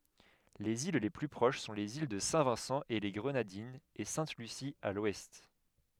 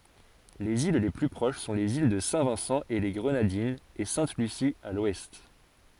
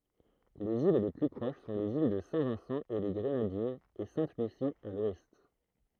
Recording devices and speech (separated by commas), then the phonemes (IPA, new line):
headset microphone, forehead accelerometer, throat microphone, read sentence
lez il le ply pʁoʃ sɔ̃ lez il də sɛ̃vɛ̃sɑ̃eleɡʁənadinz e sɛ̃tlysi a lwɛst